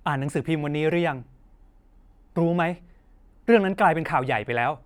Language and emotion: Thai, angry